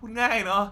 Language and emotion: Thai, frustrated